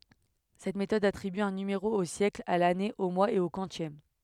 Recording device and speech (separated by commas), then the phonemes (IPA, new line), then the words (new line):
headset microphone, read sentence
sɛt metɔd atʁiby œ̃ nymeʁo o sjɛkl a lane o mwaz e o kwɑ̃sjɛm
Cette méthode attribue un numéro au siècle, à l'année, au mois et au quantième.